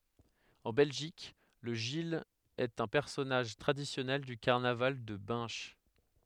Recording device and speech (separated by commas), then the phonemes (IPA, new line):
headset microphone, read sentence
ɑ̃ bɛlʒik lə ʒil ɛt œ̃ pɛʁsɔnaʒ tʁadisjɔnɛl dy kaʁnaval də bɛ̃ʃ